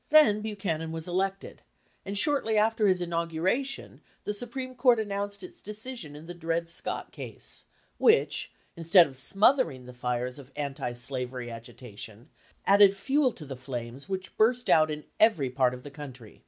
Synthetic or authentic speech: authentic